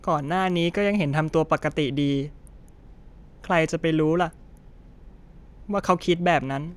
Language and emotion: Thai, sad